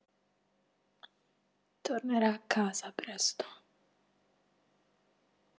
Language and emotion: Italian, sad